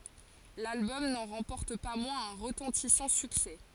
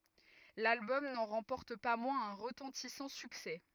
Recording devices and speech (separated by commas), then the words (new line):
forehead accelerometer, rigid in-ear microphone, read sentence
L'album n'en remporte pas moins un retentissant succès.